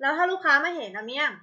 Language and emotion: Thai, angry